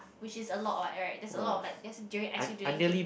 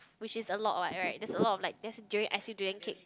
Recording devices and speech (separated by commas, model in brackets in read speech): boundary microphone, close-talking microphone, conversation in the same room